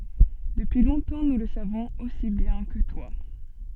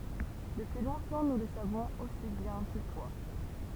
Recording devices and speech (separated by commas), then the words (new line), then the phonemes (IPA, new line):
soft in-ear microphone, temple vibration pickup, read sentence
Depuis longtemps nous le savons aussi bien que toi.
dəpyi lɔ̃tɑ̃ nu lə savɔ̃z osi bjɛ̃ kə twa